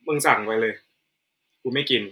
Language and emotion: Thai, frustrated